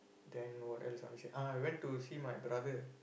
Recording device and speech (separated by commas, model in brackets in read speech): boundary microphone, conversation in the same room